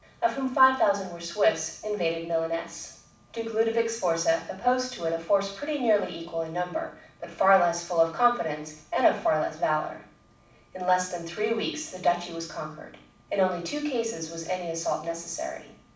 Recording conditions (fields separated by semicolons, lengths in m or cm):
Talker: one person; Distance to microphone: 5.8 m; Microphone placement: far; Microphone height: 1.8 m; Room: medium-sized (5.7 m by 4.0 m); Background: none